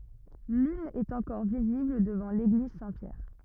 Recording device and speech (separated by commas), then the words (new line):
rigid in-ear microphone, read sentence
L'une est encore visible devant l'église Saint-Pierre.